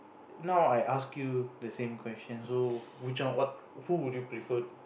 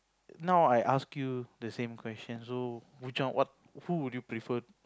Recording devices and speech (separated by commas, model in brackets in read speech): boundary microphone, close-talking microphone, conversation in the same room